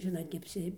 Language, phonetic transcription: Lithuanian, ˈžinot neapˈsi

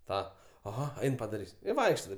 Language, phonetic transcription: Lithuanian, ˈtą aˈha ˈain padaˈrys' i ˈvaikšta ˈtaip

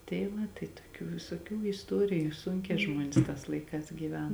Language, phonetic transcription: Lithuanian, tei ˈva tai toˈkių visoˈkių isˈtoriju ˈsunkē ˈžmuonės tās ˈlaiˌkās gyˈven

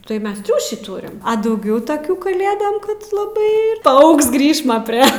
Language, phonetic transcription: Lithuanian, tai ˈmes ˈtriūšį ˈtūrim dauˈgiau taˈkių kaˈlėdam ˈkad laˈbai paˈaugs ˈgrįšma prie

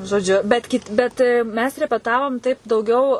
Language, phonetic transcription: Lithuanian, žoˈdžiu ˈbet kit' ˈbet ˈmes repeˈtavom taip dauˈgiau

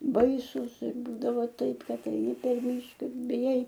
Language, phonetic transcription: Lithuanian, ˈbaisus ir ˈbūdava ˈtaip ˈkad eiˈni per ˈmyška ir biˈjai

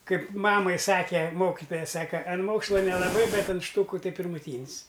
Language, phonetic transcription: Lithuanian, ˈkaip ˈmamai ˈsake ˈmokitoja ˈsaka an ˈmoksla nelaˈbai ˈbet an ˈštūku ˈtai pirmuˈtyn's

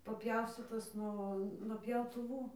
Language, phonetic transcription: Lithuanian, paˈpjaustytos ˈnuo nuo pjautuˈvų

